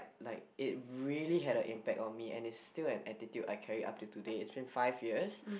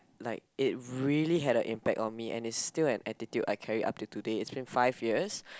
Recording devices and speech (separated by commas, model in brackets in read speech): boundary microphone, close-talking microphone, conversation in the same room